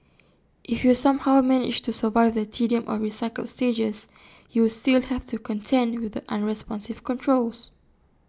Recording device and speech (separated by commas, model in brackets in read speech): standing microphone (AKG C214), read sentence